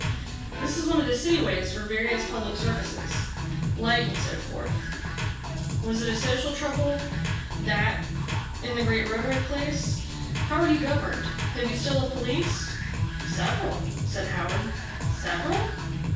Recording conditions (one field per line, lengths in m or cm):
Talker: one person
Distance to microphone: 9.8 m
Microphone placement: far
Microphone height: 1.8 m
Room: large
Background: music